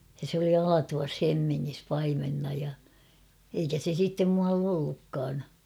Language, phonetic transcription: Finnish, ja se ‿oli 'Alatuvas 'Hemmiŋŋis paimenna ja , eikä se sittem muall ‿'ollukkaan .
- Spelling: ja se oli Alatuvassa Hemmingissä paimenena ja eikä se sitten muualla ollutkaan

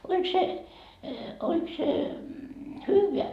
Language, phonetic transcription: Finnish, » oĺk se , oĺk se , "hyyveä ? »
- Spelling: oliko se oliko se hyvää

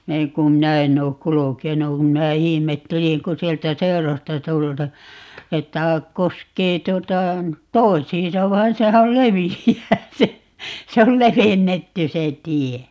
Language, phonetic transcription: Finnish, 'näiŋ kum "minä enn̆ ‿ook 'kulukenu kum 'minä 'ihimetteliŋ ku "sieltä 'seṵrosta 'tulta- , 'että , 'koskee 'tuota , "tois̀iin̬sa 'vain 'sehä ol "levijjää se , 'se ol "levennetty 'se "tie .
- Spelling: näin kun minä en ole kulkenut kun minä ihmettelin kun sieltä seuroista - että koskee tuota toisiinsa vaan sehän oli leveää se se oli levennetty se tie

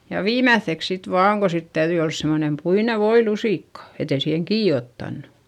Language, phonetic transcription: Finnish, ja viimäϑϑeks sit vaaŋ ko sit täyδyi ols semonem puine voilusìkka , et ‿ei siiheŋ kii ottannu .
- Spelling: ja viimeiseksi sitten vain kun sitten täytyi olla semmoinen puinen voilusikka että ei siihen kiinni ottanut

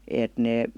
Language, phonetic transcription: Finnish, 'èt 'nee ,.
- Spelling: että ne

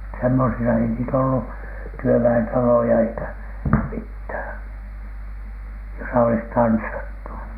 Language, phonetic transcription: Finnish, semmosisa ei niitä ollu , "työvä₍entaloja eikä , 'mithä̀n , josa olis 'tanssattu .
- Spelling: semmoisissa ei niitä ollut työväentaloja eikä mitään jossa olisi tanssittu

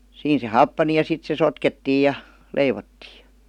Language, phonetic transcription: Finnish, 'siin se "happani ja 'sit se "sotkettiij̆ ja , "leivottii .
- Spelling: siinä se happani ja sitten se sotkettiin ja leivottiin

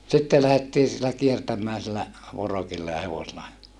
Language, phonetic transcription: Finnish, sitte lähettii sillä kiertäm̀ää sillä , vorokilla ja hevosela .
- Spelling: sitten lähdettiin sillä kiertämään sillä vorokilla ja hevosella

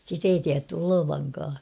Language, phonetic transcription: Finnish, sit ‿ei tiätty 'olovaŋkaa .
- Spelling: sitä ei tiedetty olevankaan

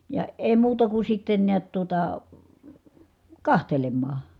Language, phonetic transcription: Finnish, ja , èi̮ muuta ku sitten niät tuota , kahtelemmaa .
- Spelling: ja ei muuta kuin sitten näet tuota katselemaan

